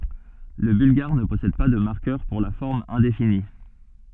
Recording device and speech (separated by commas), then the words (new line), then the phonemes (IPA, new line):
soft in-ear microphone, read sentence
Le bulgare ne possède pas de marqueur pour la forme indéfinie.
lə bylɡaʁ nə pɔsɛd pa də maʁkœʁ puʁ la fɔʁm ɛ̃defini